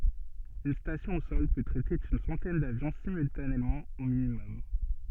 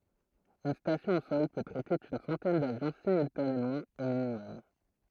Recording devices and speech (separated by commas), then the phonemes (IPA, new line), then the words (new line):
soft in-ear microphone, throat microphone, read sentence
yn stasjɔ̃ o sɔl pø tʁɛte yn sɑ̃tɛn davjɔ̃ simyltanemɑ̃ o minimɔm
Une station au sol peut traiter une centaine d'avions simultanément au minimum.